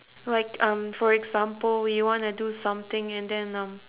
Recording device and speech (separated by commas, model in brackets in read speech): telephone, conversation in separate rooms